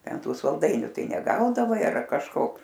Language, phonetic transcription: Lithuanian, ˈten ˈtų salˈdainiu ˈtai neˈgaudavai ar kažˈko

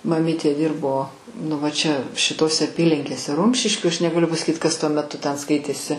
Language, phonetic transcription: Lithuanian, maˈmytė ˈdirbo nu ˈva ˈčia šiˈtose aˈpylinkėse ˈrumšiškių aš negaˈliu pasaˈkyt ˈkas tuo meˈtu ˈten ˈskaitėsi

